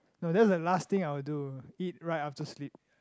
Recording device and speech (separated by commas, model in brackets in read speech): close-talking microphone, conversation in the same room